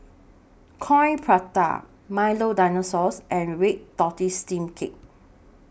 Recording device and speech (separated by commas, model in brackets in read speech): boundary microphone (BM630), read sentence